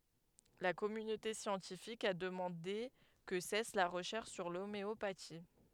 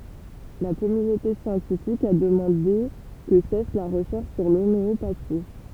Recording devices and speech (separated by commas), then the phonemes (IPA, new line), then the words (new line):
headset microphone, temple vibration pickup, read sentence
la kɔmynote sjɑ̃tifik a dəmɑ̃de kə sɛs la ʁəʃɛʁʃ syʁ lomeopati
La communauté scientifique a demandé que cesse la recherche sur l'homéopathie.